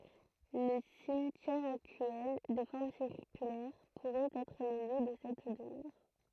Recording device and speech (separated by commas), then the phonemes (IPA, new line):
throat microphone, read sentence
lə simtjɛʁ aktyɛl də fɔʁm siʁkylɛʁ puʁɛt ɛtʁ lə ljø də sɛt dəmœʁ